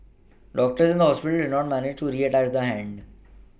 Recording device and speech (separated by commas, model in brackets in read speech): boundary microphone (BM630), read sentence